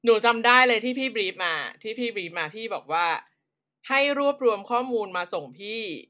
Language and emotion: Thai, frustrated